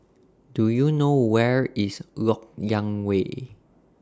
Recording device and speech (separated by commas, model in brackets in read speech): standing microphone (AKG C214), read sentence